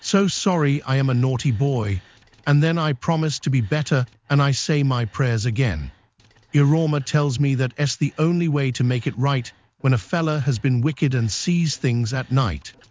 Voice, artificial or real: artificial